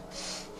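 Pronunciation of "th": The th sound is unvoiced.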